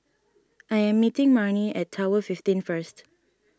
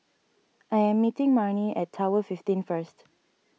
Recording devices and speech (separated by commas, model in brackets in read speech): standing microphone (AKG C214), mobile phone (iPhone 6), read sentence